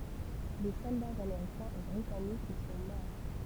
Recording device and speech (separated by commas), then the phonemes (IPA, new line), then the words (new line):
temple vibration pickup, read sentence
de sɔldaz ameʁikɛ̃z e bʁitanikz i sɔ̃ mɔʁ
Des soldats américains et britanniques y sont morts.